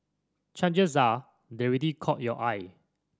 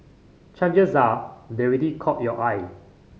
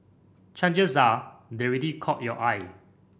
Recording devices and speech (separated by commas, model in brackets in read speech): standing microphone (AKG C214), mobile phone (Samsung C5010), boundary microphone (BM630), read sentence